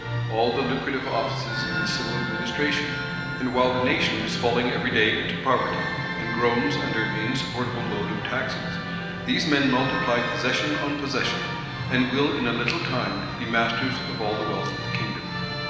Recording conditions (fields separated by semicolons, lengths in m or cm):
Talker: one person; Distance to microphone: 1.7 m; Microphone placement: close; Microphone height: 1.0 m; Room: very reverberant, large; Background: music